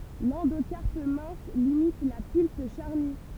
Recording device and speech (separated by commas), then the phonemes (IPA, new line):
temple vibration pickup, read sentence
lɑ̃dokaʁp mɛ̃s limit la pylp ʃaʁny